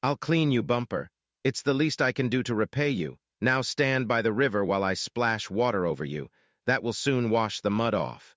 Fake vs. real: fake